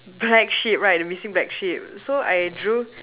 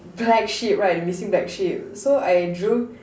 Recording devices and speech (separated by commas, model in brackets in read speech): telephone, standing microphone, conversation in separate rooms